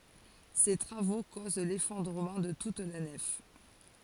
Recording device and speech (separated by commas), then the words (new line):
forehead accelerometer, read sentence
Ces travaux causent l'effondrement de toute la nef.